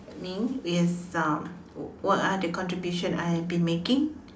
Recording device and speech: standing microphone, conversation in separate rooms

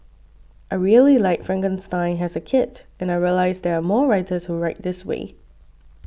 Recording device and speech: boundary microphone (BM630), read sentence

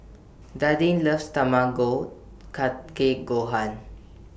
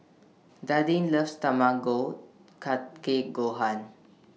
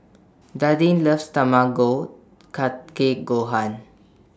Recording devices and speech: boundary microphone (BM630), mobile phone (iPhone 6), standing microphone (AKG C214), read sentence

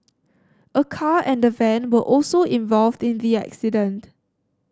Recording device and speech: standing microphone (AKG C214), read sentence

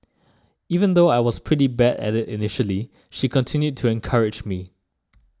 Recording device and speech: standing microphone (AKG C214), read sentence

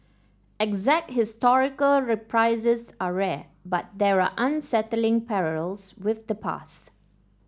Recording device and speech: standing microphone (AKG C214), read sentence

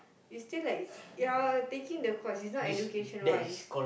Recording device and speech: boundary microphone, conversation in the same room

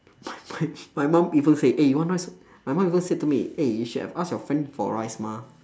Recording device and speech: standing microphone, conversation in separate rooms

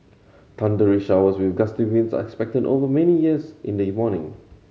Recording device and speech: mobile phone (Samsung C7100), read sentence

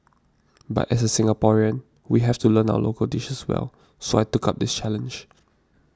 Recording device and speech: standing microphone (AKG C214), read sentence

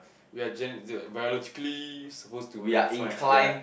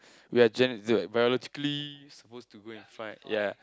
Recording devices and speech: boundary microphone, close-talking microphone, conversation in the same room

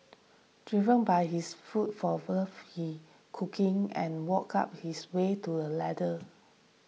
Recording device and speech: mobile phone (iPhone 6), read sentence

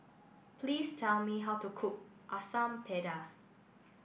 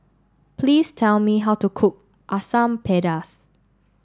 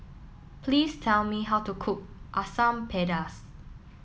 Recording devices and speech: boundary microphone (BM630), standing microphone (AKG C214), mobile phone (iPhone 7), read sentence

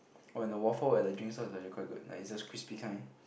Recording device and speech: boundary microphone, conversation in the same room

